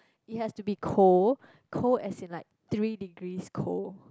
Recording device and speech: close-talking microphone, conversation in the same room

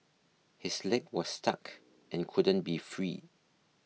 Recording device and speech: mobile phone (iPhone 6), read sentence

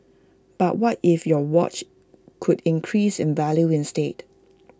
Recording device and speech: close-talking microphone (WH20), read sentence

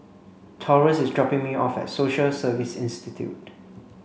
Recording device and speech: mobile phone (Samsung C5), read sentence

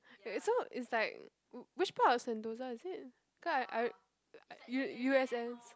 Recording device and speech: close-talking microphone, conversation in the same room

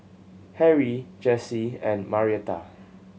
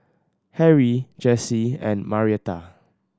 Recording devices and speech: mobile phone (Samsung C7100), standing microphone (AKG C214), read sentence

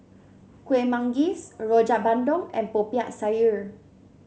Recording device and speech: mobile phone (Samsung C7), read sentence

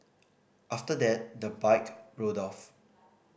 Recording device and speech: boundary microphone (BM630), read sentence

